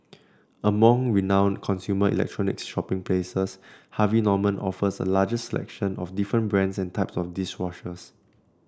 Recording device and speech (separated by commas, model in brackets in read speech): standing microphone (AKG C214), read sentence